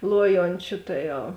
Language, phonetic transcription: Lithuanian, ˈluojončiu ˈta ˌjau

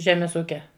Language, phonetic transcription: Lithuanian, ˈžemes ˈūkia

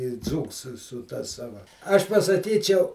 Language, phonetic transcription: Lithuanian, i ˈdzūks su su ta ˈsava ˈaš pasaˈkyčiau

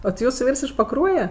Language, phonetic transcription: Lithuanian, o ti ˈjūsu ˈvyrs iš paˈkruoje

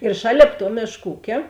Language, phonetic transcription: Lithuanian, ir ˈšalėp tuo ˈmėšk ˈūkė

